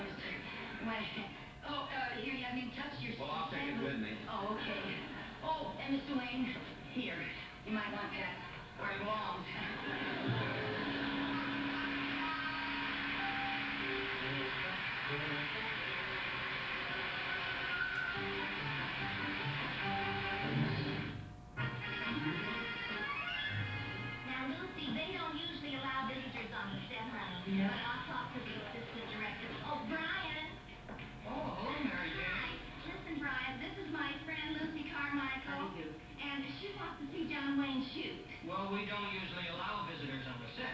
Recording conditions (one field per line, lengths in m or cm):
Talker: no one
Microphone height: 1.8 m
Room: medium-sized (5.7 m by 4.0 m)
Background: television